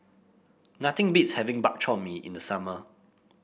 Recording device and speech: boundary microphone (BM630), read sentence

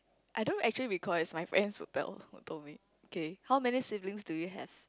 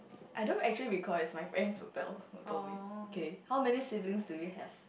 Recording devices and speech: close-talking microphone, boundary microphone, conversation in the same room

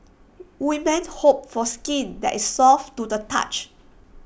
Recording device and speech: boundary microphone (BM630), read sentence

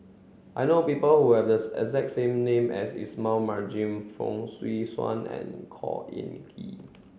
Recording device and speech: mobile phone (Samsung C7), read sentence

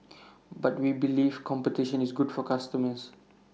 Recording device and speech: mobile phone (iPhone 6), read sentence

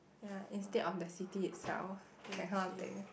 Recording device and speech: boundary microphone, conversation in the same room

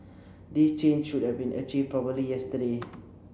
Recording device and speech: boundary microphone (BM630), read sentence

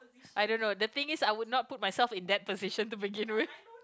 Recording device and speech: close-talking microphone, conversation in the same room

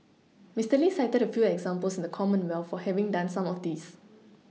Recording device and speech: mobile phone (iPhone 6), read sentence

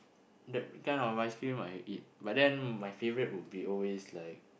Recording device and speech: boundary microphone, conversation in the same room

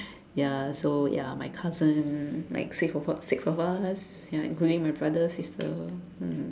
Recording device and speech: standing microphone, conversation in separate rooms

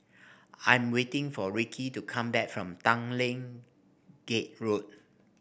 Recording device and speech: boundary microphone (BM630), read sentence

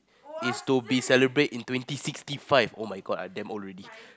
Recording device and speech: close-talking microphone, conversation in the same room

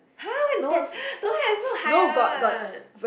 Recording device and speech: boundary microphone, conversation in the same room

